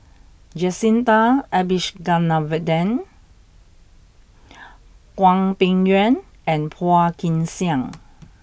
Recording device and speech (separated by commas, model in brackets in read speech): boundary microphone (BM630), read sentence